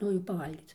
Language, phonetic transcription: Lithuanian, ˈnu jau paˈvalgyc

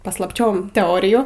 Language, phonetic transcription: Lithuanian, paslaˈpčiom teˈorijų

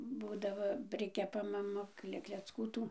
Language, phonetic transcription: Lithuanian, ˈbūdavo ˈprikepa maˈma ˈkle klecˈkų ˈtų

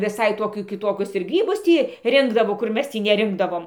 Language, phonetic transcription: Lithuanian, viˈsai ˈtokių kiˈtokius ir ˈgrybus ˈtį ˈrinkdavo kur ˈmes ˈtį neˈrinkdavom

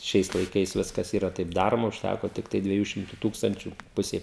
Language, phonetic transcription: Lithuanian, ˈšiais laiˈkais ˈviskas ˈyra taip ˈdaroma užˈtæko ˈtiktai dvieˈjų ˈšimtu ˈtūkstančiu ˈpusei

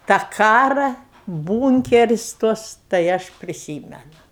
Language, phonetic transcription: Lithuanian, tą ˈkara ˈbūnkeris ˈtuos tai ˈaš priˈsymenu

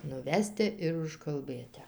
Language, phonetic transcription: Lithuanian, nuˈveste ir užkalˈbɘte

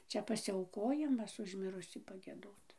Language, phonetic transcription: Lithuanian, ˈčia pasiˈaukojimas už ˈmirusį paˈgiedot

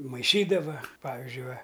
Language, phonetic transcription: Lithuanian, maiˈšydava ˈpavizdžiui ˈva

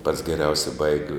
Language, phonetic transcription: Lithuanian, pats geˈriausia ˈbaigi

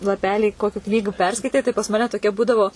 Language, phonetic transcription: Lithuanian, laˈpelį ˈkokiu ˈknygu ˈperskaitei tai pas ˈmane toˈkia ˈbūdavo

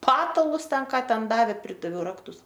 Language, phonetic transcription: Lithuanian, ˈpatalus ˈten ˈką ˈten ˈdavė ˈpridaviau ˈraktus

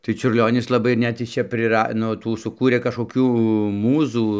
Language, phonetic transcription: Lithuanian, tai čiurˈlionis laˈbai ir ˈnet jis ˈčia priˈra ˈnu ˈtų suˈkūrė kažkoˈkių ˈmūzų

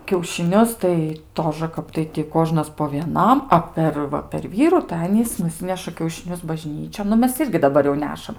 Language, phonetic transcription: Lithuanian, kiaušiˈnius tai ˈtožə ˈkap tai ti ˈkožnas po vieˈnam ˈa per ˈva per ˈvyru tai ˈanys nuˈsineša kiaušiˈnius baˈžnyčion nu ˈmes ˈirgi daˈbar jau ˈnešam

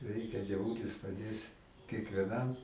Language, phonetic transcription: Lithuanian, ˈreikia dieˈvūlis paˈdės kiekvieˈnam

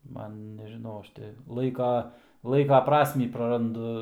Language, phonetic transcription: Lithuanian, ˈman nežiˈnau ˈaš ti ˈlaika ˈlaika ˈprasmį praranˈdu

